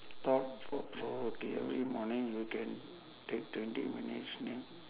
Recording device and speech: telephone, conversation in separate rooms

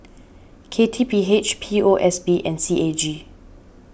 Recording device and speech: boundary microphone (BM630), read sentence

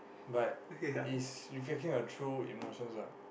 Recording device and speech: boundary microphone, conversation in the same room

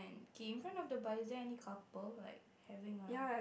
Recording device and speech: boundary microphone, conversation in the same room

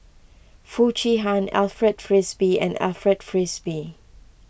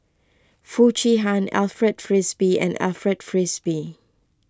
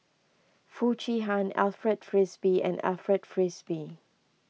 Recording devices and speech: boundary microphone (BM630), close-talking microphone (WH20), mobile phone (iPhone 6), read sentence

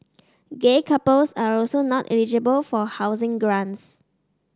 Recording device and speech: standing microphone (AKG C214), read sentence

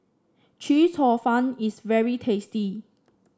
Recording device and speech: standing microphone (AKG C214), read sentence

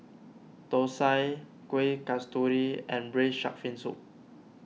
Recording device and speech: mobile phone (iPhone 6), read sentence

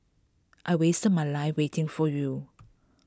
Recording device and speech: close-talking microphone (WH20), read sentence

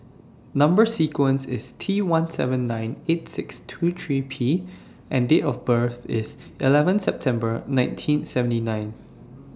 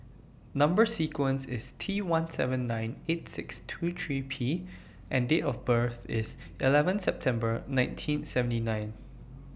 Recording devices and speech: standing microphone (AKG C214), boundary microphone (BM630), read sentence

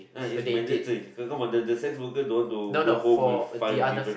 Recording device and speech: boundary microphone, conversation in the same room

